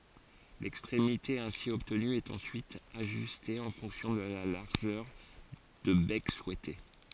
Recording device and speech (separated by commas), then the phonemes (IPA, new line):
forehead accelerometer, read sentence
lɛkstʁemite ɛ̃si ɔbtny ɛt ɑ̃syit aʒyste ɑ̃ fɔ̃ksjɔ̃ də la laʁʒœʁ də bɛk suɛte